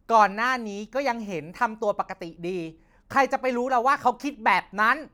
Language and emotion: Thai, angry